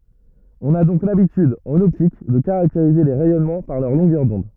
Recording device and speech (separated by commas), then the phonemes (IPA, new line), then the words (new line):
rigid in-ear microphone, read sentence
ɔ̃n a dɔ̃k labityd ɑ̃n ɔptik də kaʁakteʁize le ʁɛjɔnmɑ̃ paʁ lœʁ lɔ̃ɡœʁ dɔ̃d
On a donc l'habitude, en optique, de caractériser les rayonnements par leur longueur d'onde.